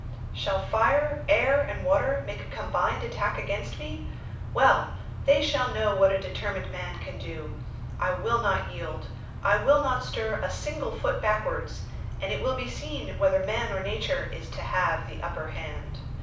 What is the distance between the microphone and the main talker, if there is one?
5.8 m.